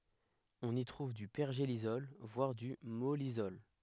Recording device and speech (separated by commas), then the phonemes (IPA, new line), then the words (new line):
headset microphone, read sentence
ɔ̃n i tʁuv dy pɛʁʒelisɔl vwaʁ dy mɔlisɔl
On y trouve du pergélisol, voire du mollisol.